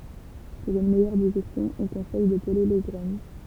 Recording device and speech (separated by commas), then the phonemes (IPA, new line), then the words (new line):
temple vibration pickup, read sentence
puʁ yn mɛjœʁ diʒɛstjɔ̃ ɔ̃ kɔ̃sɛj də pəle le ɡʁɛn
Pour une meilleure digestion, on conseille de peler les graines.